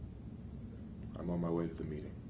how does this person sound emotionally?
neutral